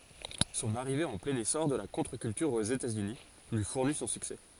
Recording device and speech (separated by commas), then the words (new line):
forehead accelerometer, read sentence
Son arrivée en plein essor de la contre-culture aux États-Unis lui fournit son succès.